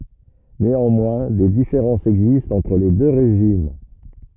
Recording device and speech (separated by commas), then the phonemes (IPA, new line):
rigid in-ear microphone, read sentence
neɑ̃mwɛ̃ de difeʁɑ̃sz ɛɡzistt ɑ̃tʁ le dø ʁeʒim